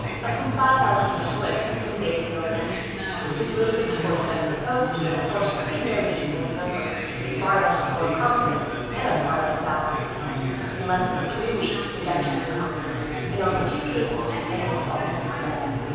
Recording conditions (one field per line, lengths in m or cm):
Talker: one person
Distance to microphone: 7.1 m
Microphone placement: far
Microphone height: 1.7 m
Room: very reverberant, large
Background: babble